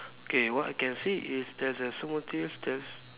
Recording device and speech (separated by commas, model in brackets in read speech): telephone, conversation in separate rooms